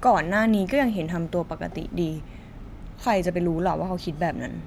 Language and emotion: Thai, frustrated